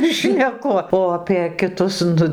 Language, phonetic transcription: Lithuanian, šneˈku o apė kiˈtus ˈnu

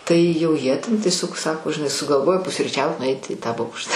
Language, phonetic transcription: Lithuanian, ˈtai jau ˈjie ten tieˈsiog ˈsako žiˈnai sugalˈvojo pusryˈčiaut nuˈait i tą ˈbokš

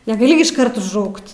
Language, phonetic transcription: Lithuanian, negaˈli gi išˈkart užˈraukt

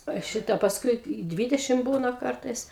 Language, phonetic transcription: Lithuanian, a ˈšita pasˈkui i ˈdvydešim ˈbūna ˈkartais

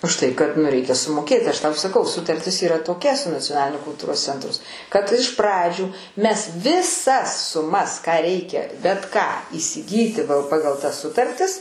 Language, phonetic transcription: Lithuanian, už ˈtai kad nu ˈreikia sumoˈkėti ˈaš ˈtau saˈkau sutarˈtis yˈra toˈkia su nacioˈnaliniu kulˈtūros ˈcentrus kad iš ˈpradžių ˈmes viˈsas suˈmas ką ˈreikia bet ˈką įsiˈgyti ˈpagal tas ˈsutartis

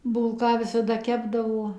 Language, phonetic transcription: Lithuanian, ˈbūlką visaˈda ˈkepdavo

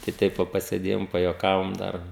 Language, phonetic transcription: Lithuanian, tai ˈteip va pasėˈdėjom pajuoˈkavom ˈdar

